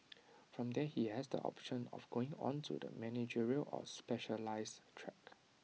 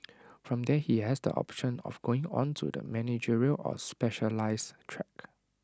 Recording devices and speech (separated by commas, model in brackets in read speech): mobile phone (iPhone 6), standing microphone (AKG C214), read sentence